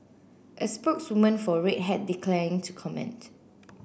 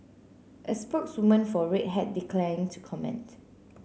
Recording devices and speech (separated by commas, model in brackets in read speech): boundary microphone (BM630), mobile phone (Samsung C9), read sentence